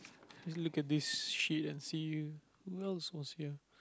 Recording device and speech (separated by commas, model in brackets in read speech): close-talking microphone, conversation in the same room